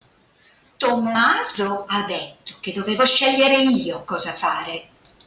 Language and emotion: Italian, angry